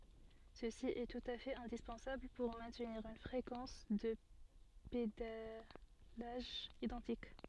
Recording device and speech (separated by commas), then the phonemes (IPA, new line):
soft in-ear microphone, read sentence
səsi ɛ tut a fɛt ɛ̃dispɑ̃sabl puʁ mɛ̃tniʁ yn fʁekɑ̃s də pedalaʒ idɑ̃tik